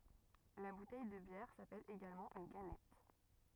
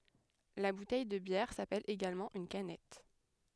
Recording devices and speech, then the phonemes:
rigid in-ear microphone, headset microphone, read sentence
la butɛj də bjɛʁ sapɛl eɡalmɑ̃ yn kanɛt

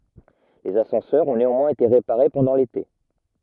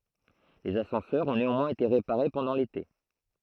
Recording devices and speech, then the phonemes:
rigid in-ear microphone, throat microphone, read sentence
lez asɑ̃sœʁz ɔ̃ neɑ̃mwɛ̃z ete ʁepaʁe pɑ̃dɑ̃ lete

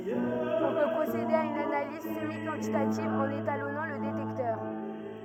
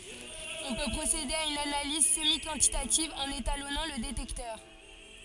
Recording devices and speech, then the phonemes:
rigid in-ear microphone, forehead accelerometer, read sentence
ɔ̃ pø pʁosede a yn analiz səmikɑ̃titativ ɑ̃n etalɔnɑ̃ lə detɛktœʁ

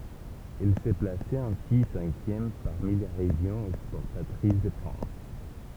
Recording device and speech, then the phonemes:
temple vibration pickup, read sentence
ɛl sə plasɛt ɛ̃si sɛ̃kjɛm paʁmi le ʁeʒjɔ̃z ɛkspɔʁtatʁis də fʁɑ̃s

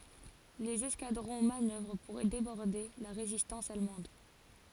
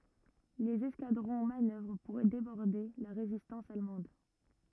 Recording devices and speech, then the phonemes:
forehead accelerometer, rigid in-ear microphone, read sentence
lez ɛskadʁɔ̃ manœvʁ puʁ debɔʁde la ʁezistɑ̃s almɑ̃d

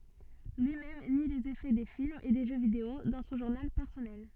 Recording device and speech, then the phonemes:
soft in-ear microphone, read sentence
lyi mɛm ni lez efɛ de filmz e de ʒø video dɑ̃ sɔ̃ ʒuʁnal pɛʁsɔnɛl

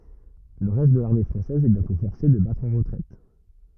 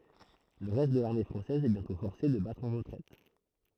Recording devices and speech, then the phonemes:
rigid in-ear microphone, throat microphone, read sentence
lə ʁɛst də laʁme fʁɑ̃sɛz ɛ bjɛ̃tɔ̃ fɔʁse də batʁ ɑ̃ ʁətʁɛt

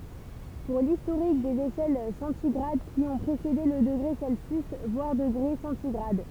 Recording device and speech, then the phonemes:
temple vibration pickup, read sentence
puʁ listoʁik dez eʃɛl sɑ̃tiɡʁad ki ɔ̃ pʁesede lə dəɡʁe sɛlsjys vwaʁ dəɡʁe sɑ̃tiɡʁad

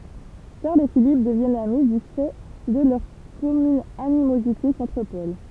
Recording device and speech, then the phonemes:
temple vibration pickup, read sentence
ʃaʁl e filip dəvjɛnt ami dy fɛ də lœʁ kɔmyn animozite kɔ̃tʁ pɔl

